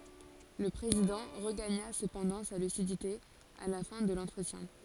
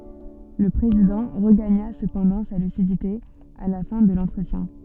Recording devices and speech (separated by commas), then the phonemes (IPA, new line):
forehead accelerometer, soft in-ear microphone, read sentence
lə pʁezidɑ̃ ʁəɡaɲa səpɑ̃dɑ̃ sa lysidite a la fɛ̃ də lɑ̃tʁətjɛ̃